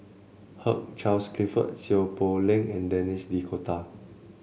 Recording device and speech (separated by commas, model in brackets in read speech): mobile phone (Samsung C7), read sentence